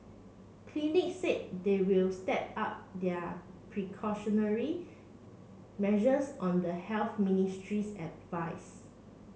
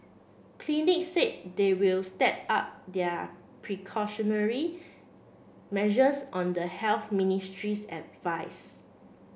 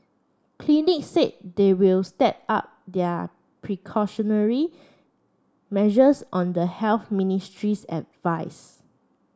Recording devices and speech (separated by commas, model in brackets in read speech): mobile phone (Samsung C7), boundary microphone (BM630), standing microphone (AKG C214), read sentence